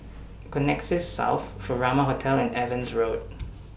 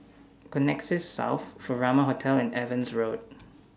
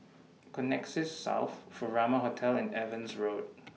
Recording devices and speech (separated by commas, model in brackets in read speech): boundary microphone (BM630), standing microphone (AKG C214), mobile phone (iPhone 6), read sentence